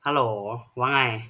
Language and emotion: Thai, frustrated